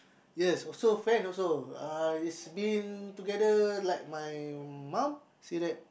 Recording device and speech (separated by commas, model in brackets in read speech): boundary microphone, conversation in the same room